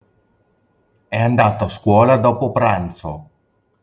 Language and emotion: Italian, neutral